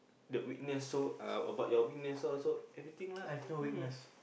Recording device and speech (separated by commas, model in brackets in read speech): boundary microphone, conversation in the same room